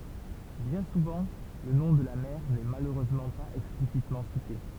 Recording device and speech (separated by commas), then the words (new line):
temple vibration pickup, read sentence
Bien souvent le nom de la mère n'est malheureusement pas explicitement cité.